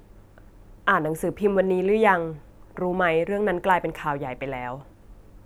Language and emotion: Thai, neutral